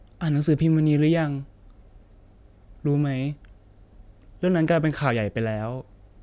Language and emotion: Thai, sad